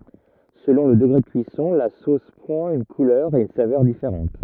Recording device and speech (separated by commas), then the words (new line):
rigid in-ear microphone, read sentence
Selon le degré de cuisson, la sauce prend une couleur et une saveur différente.